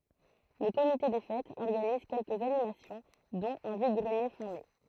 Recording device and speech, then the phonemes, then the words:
throat microphone, read sentence
lə komite de fɛtz ɔʁɡaniz kɛlkəz animasjɔ̃ dɔ̃t œ̃ vid ɡʁənje fɛ̃ mɛ
Le comité des fêtes organise quelques animations dont un vide-greniers fin mai.

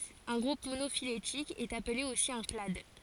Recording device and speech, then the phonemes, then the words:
forehead accelerometer, read sentence
œ̃ ɡʁup monofiletik ɛt aple osi œ̃ klad
Un groupe monophylétique est appelé aussi un clade.

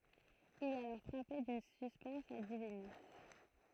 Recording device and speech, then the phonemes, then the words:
throat microphone, read sentence
il ɛt alɔʁ fʁape dyn syspɛns a divini
Il est alors frappé d'une suspense a divinis.

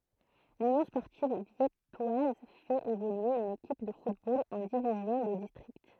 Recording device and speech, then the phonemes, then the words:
throat microphone, read sentence
lynjɔ̃ spɔʁtiv vjɛtwaz fɛt evolye yn ekip də futbol ɑ̃ divizjɔ̃ də distʁikt
L'Union sportive viettoise fait évoluer une équipe de football en division de district.

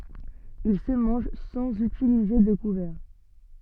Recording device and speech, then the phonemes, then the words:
soft in-ear microphone, read sentence
il sə mɑ̃ʒ sɑ̃z ytilize də kuvɛʁ
Il se mange sans utiliser de couverts.

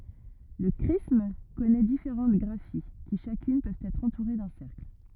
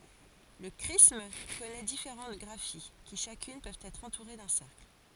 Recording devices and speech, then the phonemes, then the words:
rigid in-ear microphone, forehead accelerometer, read sentence
lə kʁism kɔnɛ difeʁɑ̃t ɡʁafi ki ʃakyn pøvt ɛtʁ ɑ̃tuʁe dœ̃ sɛʁkl
Le chrisme connait différentes graphies qui, chacune, peuvent être entourés d’un cercle.

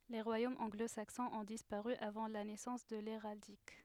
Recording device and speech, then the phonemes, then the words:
headset microphone, read sentence
le ʁwajomz ɑ̃ɡlozaksɔ̃z ɔ̃ dispaʁy avɑ̃ la nɛsɑ̃s də leʁaldik
Les royaumes anglo-saxons ont disparu avant la naissance de l'héraldique.

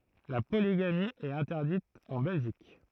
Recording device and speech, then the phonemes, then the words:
throat microphone, read sentence
la poliɡami ɛt ɛ̃tɛʁdit ɑ̃ bɛlʒik
La polygamie est interdite en Belgique.

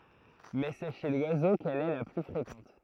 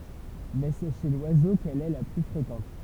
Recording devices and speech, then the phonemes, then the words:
throat microphone, temple vibration pickup, read sentence
mɛ sɛ ʃe lwazo kɛl ɛ la ply fʁekɑ̃t
Mais c'est chez l'oiseau qu'elle est la plus fréquente.

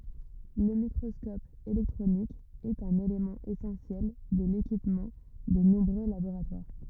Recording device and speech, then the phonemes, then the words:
rigid in-ear microphone, read sentence
lə mikʁɔskɔp elɛktʁonik ɛt œ̃n elemɑ̃ esɑ̃sjɛl də lekipmɑ̃ də nɔ̃bʁø laboʁatwaʁ
Le microscope électronique est un élément essentiel de l'équipement de nombreux laboratoires.

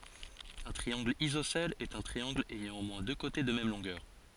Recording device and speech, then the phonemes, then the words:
forehead accelerometer, read sentence
œ̃ tʁiɑ̃ɡl izosɛl ɛt œ̃ tʁiɑ̃ɡl ɛjɑ̃ o mwɛ̃ dø kote də mɛm lɔ̃ɡœʁ
Un triangle isocèle est un triangle ayant au moins deux côtés de même longueur.

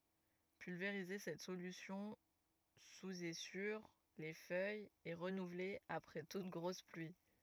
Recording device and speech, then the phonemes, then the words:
rigid in-ear microphone, read sentence
pylveʁize sɛt solysjɔ̃ suz e syʁ le fœjz e ʁənuvle apʁɛ tut ɡʁos plyi
Pulvériser cette solution sous et sur les feuilles et renouveler après toute grosse pluie.

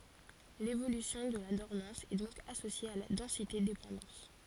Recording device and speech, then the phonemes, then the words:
forehead accelerometer, read sentence
levolysjɔ̃ də la dɔʁmɑ̃s ɛ dɔ̃k asosje a la dɑ̃sitedepɑ̃dɑ̃s
L’évolution de la dormance est donc associée à la densité-dépendance.

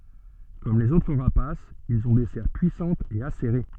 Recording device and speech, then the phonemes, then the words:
soft in-ear microphone, read sentence
kɔm lez otʁ ʁapasz ilz ɔ̃ de sɛʁ pyisɑ̃tz e aseʁe
Comme les autres rapaces, ils ont des serres puissantes et acérées.

